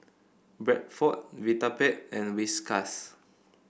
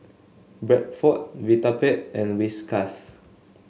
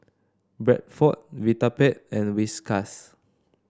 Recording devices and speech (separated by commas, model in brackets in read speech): boundary microphone (BM630), mobile phone (Samsung S8), standing microphone (AKG C214), read sentence